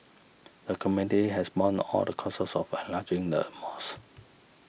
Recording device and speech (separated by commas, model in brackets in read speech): boundary microphone (BM630), read sentence